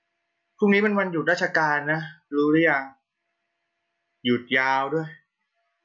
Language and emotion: Thai, frustrated